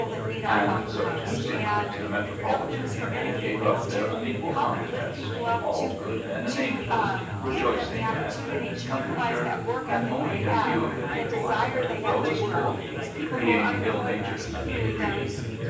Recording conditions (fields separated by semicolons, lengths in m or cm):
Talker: one person; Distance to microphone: 9.8 m; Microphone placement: far; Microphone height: 1.8 m; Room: large; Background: babble